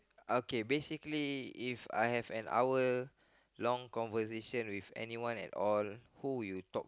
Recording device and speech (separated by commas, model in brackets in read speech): close-talking microphone, conversation in the same room